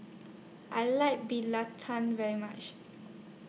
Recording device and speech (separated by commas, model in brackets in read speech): mobile phone (iPhone 6), read sentence